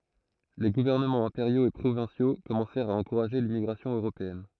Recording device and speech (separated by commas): throat microphone, read sentence